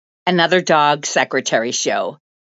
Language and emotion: English, angry